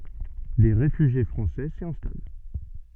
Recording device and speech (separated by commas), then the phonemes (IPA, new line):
soft in-ear microphone, read sentence
de ʁefyʒje fʁɑ̃sɛ si ɛ̃stal